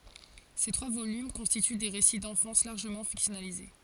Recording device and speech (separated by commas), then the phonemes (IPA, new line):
forehead accelerometer, read sentence
se tʁwa volym kɔ̃stity de ʁesi dɑ̃fɑ̃s laʁʒəmɑ̃ fiksjɔnalize